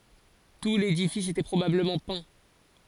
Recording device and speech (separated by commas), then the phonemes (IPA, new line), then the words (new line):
forehead accelerometer, read sentence
tu ledifis etɛ pʁobabləmɑ̃ pɛ̃
Tout l'édifice était probablement peint.